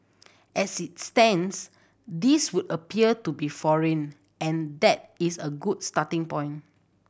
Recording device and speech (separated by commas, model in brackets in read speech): boundary microphone (BM630), read sentence